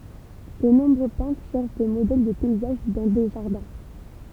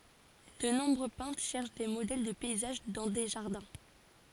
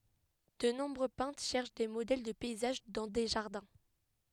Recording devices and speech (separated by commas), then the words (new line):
temple vibration pickup, forehead accelerometer, headset microphone, read sentence
De nombreux peintres cherchent des modèles de paysages dans des jardins.